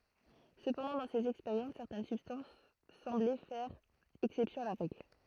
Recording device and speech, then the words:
throat microphone, read sentence
Cependant dans ces expériences, certaines substances semblaient faire exception à la règle.

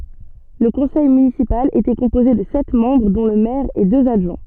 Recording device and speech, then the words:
soft in-ear microphone, read sentence
Le conseil municipal était composé de sept membres dont le maire et deux adjoints.

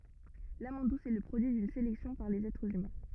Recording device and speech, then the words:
rigid in-ear microphone, read sentence
L'amande douce est le produit d'une sélection par les êtres humains.

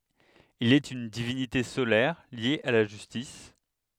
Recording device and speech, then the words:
headset microphone, read sentence
Il est une divinité solaire liée à la justice.

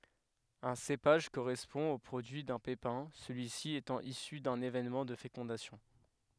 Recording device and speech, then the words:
headset microphone, read sentence
Un cépage correspond au produit d'un pépin, celui-ci étant issu d'un événement de fécondation.

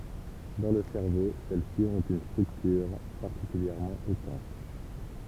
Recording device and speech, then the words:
temple vibration pickup, read sentence
Dans le cerveau, celles-ci ont une structure particulièrement étanche.

